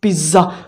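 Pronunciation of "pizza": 'pizza' is pronounced incorrectly here.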